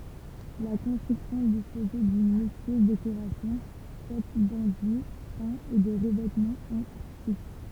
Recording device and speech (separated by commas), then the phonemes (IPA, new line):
temple vibration pickup, read sentence
la kɔ̃stʁyksjɔ̃ dispozɛ dyn lyksyøz dekoʁasjɔ̃ fɛt dɑ̃dyi pɛ̃z e də ʁəvɛtmɑ̃z ɑ̃ styk